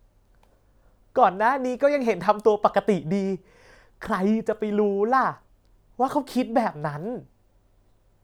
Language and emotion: Thai, happy